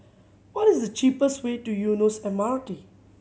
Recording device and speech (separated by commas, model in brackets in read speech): mobile phone (Samsung C7100), read sentence